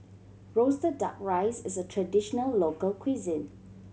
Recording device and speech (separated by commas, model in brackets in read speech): mobile phone (Samsung C7100), read sentence